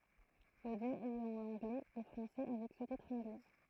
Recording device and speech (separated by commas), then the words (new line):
throat microphone, read sentence
L'audio est en anglais et français avec sous-titres anglais.